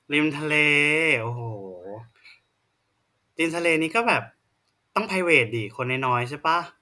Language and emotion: Thai, neutral